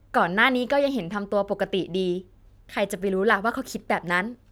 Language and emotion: Thai, neutral